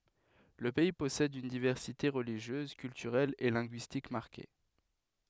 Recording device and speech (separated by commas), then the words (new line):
headset microphone, read sentence
Le pays possède une diversité religieuse, culturelle et linguistique marquée.